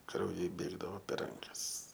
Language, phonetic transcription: Lithuanian, krauˈjai ˈbėgdavo per ˈrankas

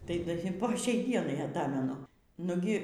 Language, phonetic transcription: Lithuanian, tai ˈda i po ˈšiai ˈdienai ˈatamenu ˈnugi

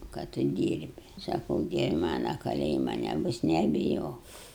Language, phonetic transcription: Lithuanian, ka ˈtu ˈdyrbi saˈkau ˈdievi ˈmana kaˈlėjima neˈbus nebiˈjok

